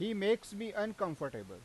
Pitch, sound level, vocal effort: 205 Hz, 94 dB SPL, loud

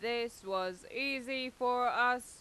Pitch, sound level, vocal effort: 245 Hz, 95 dB SPL, loud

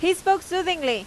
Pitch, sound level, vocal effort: 365 Hz, 94 dB SPL, very loud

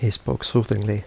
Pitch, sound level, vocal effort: 105 Hz, 76 dB SPL, soft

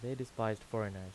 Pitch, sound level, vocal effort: 110 Hz, 83 dB SPL, normal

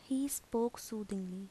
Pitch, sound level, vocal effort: 225 Hz, 77 dB SPL, soft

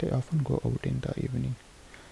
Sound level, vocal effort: 69 dB SPL, soft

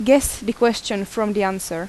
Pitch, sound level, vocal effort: 215 Hz, 85 dB SPL, loud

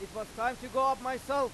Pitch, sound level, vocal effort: 255 Hz, 103 dB SPL, very loud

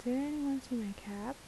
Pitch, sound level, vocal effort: 255 Hz, 75 dB SPL, soft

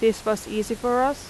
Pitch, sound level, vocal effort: 225 Hz, 86 dB SPL, loud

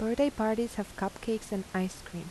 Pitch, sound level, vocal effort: 210 Hz, 81 dB SPL, soft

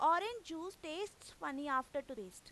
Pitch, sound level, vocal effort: 320 Hz, 94 dB SPL, very loud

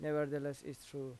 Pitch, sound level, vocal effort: 145 Hz, 86 dB SPL, normal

